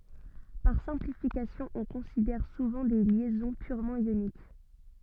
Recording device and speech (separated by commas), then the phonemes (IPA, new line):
soft in-ear microphone, read sentence
paʁ sɛ̃plifikasjɔ̃ ɔ̃ kɔ̃sidɛʁ suvɑ̃ de ljɛzɔ̃ pyʁmɑ̃ jonik